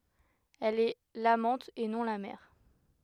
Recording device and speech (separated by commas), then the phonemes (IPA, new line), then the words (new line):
headset microphone, read sentence
ɛl ɛ lamɑ̃t e nɔ̃ la mɛʁ
Elle est l’amante, et non la mère.